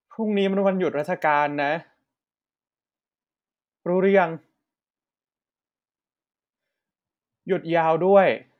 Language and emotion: Thai, sad